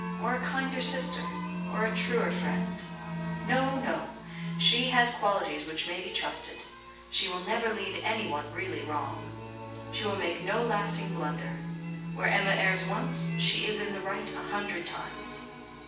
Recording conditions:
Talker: one person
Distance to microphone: 9.8 m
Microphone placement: far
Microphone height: 1.8 m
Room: large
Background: music

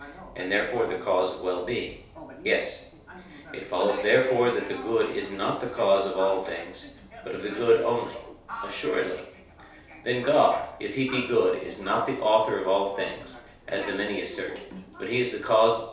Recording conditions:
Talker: one person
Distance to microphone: 3.0 m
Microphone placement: far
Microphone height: 1.8 m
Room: small (3.7 m by 2.7 m)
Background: television

